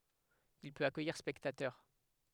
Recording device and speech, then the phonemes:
headset microphone, read sentence
il pøt akœjiʁ spɛktatœʁ

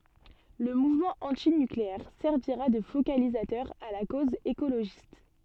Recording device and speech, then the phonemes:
soft in-ear microphone, read sentence
lə muvmɑ̃ ɑ̃tinykleɛʁ sɛʁviʁa də fokalizatœʁ a la koz ekoloʒist

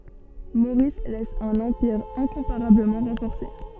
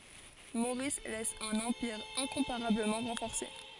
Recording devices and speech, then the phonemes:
soft in-ear microphone, forehead accelerometer, read sentence
moʁis lɛs œ̃n ɑ̃piʁ ɛ̃kɔ̃paʁabləmɑ̃ ʁɑ̃fɔʁse

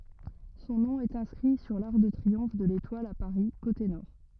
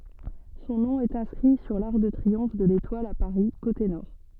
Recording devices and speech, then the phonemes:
rigid in-ear microphone, soft in-ear microphone, read sentence
sɔ̃ nɔ̃ ɛt ɛ̃skʁi syʁ laʁk də tʁiɔ̃f də letwal a paʁi kote nɔʁ

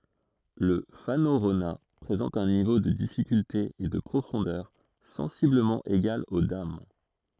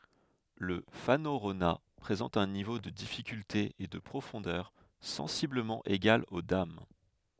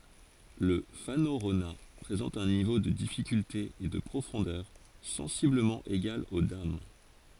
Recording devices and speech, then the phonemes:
throat microphone, headset microphone, forehead accelerometer, read sentence
lə fanoʁona pʁezɑ̃t œ̃ nivo də difikylte e də pʁofɔ̃dœʁ sɑ̃sibləmɑ̃ eɡal o dam

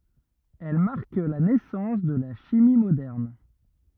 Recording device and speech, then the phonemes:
rigid in-ear microphone, read sentence
ɛl maʁk la nɛsɑ̃s də la ʃimi modɛʁn

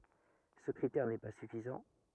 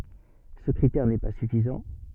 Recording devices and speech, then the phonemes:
rigid in-ear microphone, soft in-ear microphone, read sentence
sə kʁitɛʁ nɛ pa syfizɑ̃

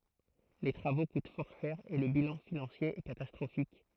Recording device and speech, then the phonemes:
throat microphone, read sentence
le tʁavo kut fɔʁ ʃɛʁ e lə bilɑ̃ finɑ̃sje ɛ katastʁofik

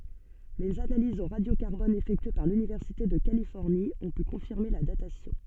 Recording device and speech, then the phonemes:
soft in-ear microphone, read sentence
lez analizz o ʁadjo kaʁbɔn efɛktye paʁ lynivɛʁsite də kalifɔʁni ɔ̃ py kɔ̃fiʁme la datasjɔ̃

